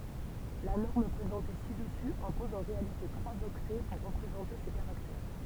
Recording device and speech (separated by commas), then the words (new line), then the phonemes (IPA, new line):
temple vibration pickup, read sentence
La norme présentée ci-dessus impose en réalité trois octets pour représenter ces caractères.
la nɔʁm pʁezɑ̃te si dəsy ɛ̃pɔz ɑ̃ ʁealite tʁwaz ɔktɛ puʁ ʁəpʁezɑ̃te se kaʁaktɛʁ